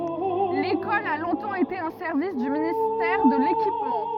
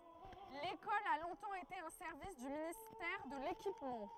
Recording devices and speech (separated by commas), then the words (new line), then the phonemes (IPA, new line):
rigid in-ear microphone, throat microphone, read sentence
L'école a longtemps été un service du ministère de l'Équipement.
lekɔl a lɔ̃tɑ̃ ete œ̃ sɛʁvis dy ministɛʁ də lekipmɑ̃